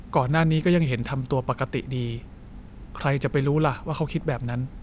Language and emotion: Thai, frustrated